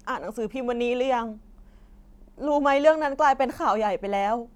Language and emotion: Thai, sad